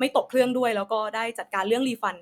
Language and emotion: Thai, neutral